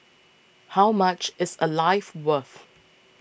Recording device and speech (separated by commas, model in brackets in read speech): boundary microphone (BM630), read sentence